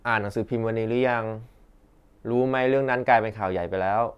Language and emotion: Thai, neutral